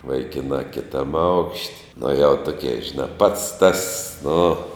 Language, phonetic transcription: Lithuanian, vaiˈkinā kiˈtam aukšt' nu jau ˈtukė žiˈnā pats tas nu

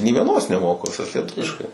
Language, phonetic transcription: Lithuanian, ni vieˈnos neˈmoku viˈsas lieˈtuviškai

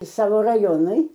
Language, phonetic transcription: Lithuanian, ˈsavo raˈjonui

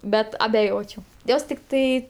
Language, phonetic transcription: Lithuanian, ˈbet abeˈjočiau ˈjos tikˈtai

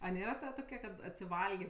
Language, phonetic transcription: Lithuanian, a ˈnėra ˈtokia kad atsiˈvalgė

